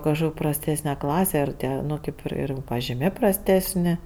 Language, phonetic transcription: Lithuanian, kažˈkok' prasˈtesne ˈklase ir ˈtie ˈnu kėp ir ˈir pažiˈmė prasˈtesni

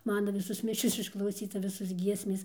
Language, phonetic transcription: Lithuanian, ˈmana ˈvisos ˈmišios išklauˈsyta ˈvisos ˈgiesmės

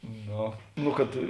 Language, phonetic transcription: Lithuanian, ˈno ˈnu kad

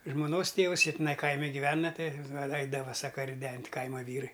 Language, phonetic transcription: Lithuanian, žmoˈnos ˈtėvus ˈjie tiˈnai ˈkaimi giˈvena ˈtai ˈeidava ˈsaka riˈdent' ˈkaima ˈvyrai

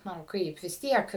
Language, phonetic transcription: Lithuanian, ˈnu ˈkaip vis ˈtiek

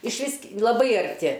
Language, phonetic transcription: Lithuanian, išˈvis k laˈbai arˈti

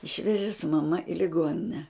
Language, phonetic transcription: Lithuanian, ˈišveži su maˈma i liˈgonine

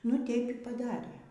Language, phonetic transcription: Lithuanian, nu ˈteip y paˈdarė

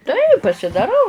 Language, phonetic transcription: Lithuanian, tai pasidaˈrau

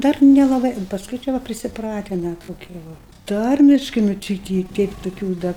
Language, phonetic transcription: Lithuanian, ˈdar nelaˈbai pasˈkui čia ˈva prisiˈpratina toˈkie ˈva ˈtarmiškai nu ˈči i ˈti ˈteip tuˈkių da

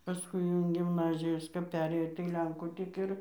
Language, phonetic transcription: Lithuanian, paˈskui jau in gimˈnazijos kap ˈperėjo tai ˈlenkų tik ˈir

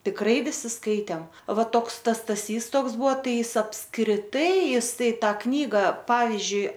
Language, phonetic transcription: Lithuanian, tikˈrai viˈsi ˈskaitėm ˈva ˈtoks ˈtas staˈsys ˈtoks ˈbuo ˈtai ˈis apskriˈtai ˈjis ˈtai ˈtą ˈknyga ˈpavizdžiui

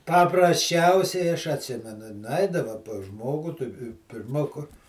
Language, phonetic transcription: Lithuanian, paprasˈčiausiai aš atˈsimenu nuˈaidava pas ˈžmogu tu pirˈma kur

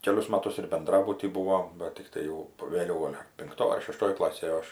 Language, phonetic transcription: Lithuanian, ˈkelius ˈmatus ir benˈdrabuty ˈbūvom ˈbat tikˈtai jau vėˈliau ˈgol' pinkˈtoj ar šeˈštoj ˈklasėj ˈaš

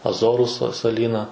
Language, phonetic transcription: Lithuanian, aˈzoru sa saˈlyna

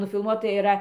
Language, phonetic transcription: Lithuanian, nufilˈmuota iˈra

